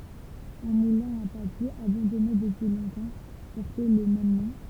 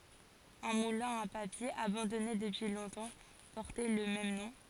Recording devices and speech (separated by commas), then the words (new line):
temple vibration pickup, forehead accelerometer, read sentence
Un moulin à papier, abandonné depuis longtemps, portait le même nom.